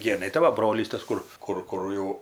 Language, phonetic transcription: Lithuanian, ˈgėnai tai ˈva ˈbrolys ˈtas ˈkur ˈkur ˈkur jau

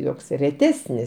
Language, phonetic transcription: Lithuanian, ˈjoks reˈtesnis

